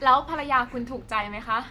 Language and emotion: Thai, happy